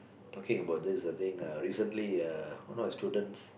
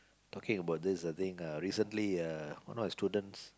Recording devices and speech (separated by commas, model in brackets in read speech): boundary microphone, close-talking microphone, conversation in the same room